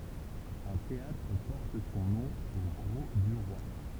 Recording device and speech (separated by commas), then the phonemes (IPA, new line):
temple vibration pickup, read sentence
œ̃ teatʁ pɔʁt sɔ̃ nɔ̃ o ɡʁo dy ʁwa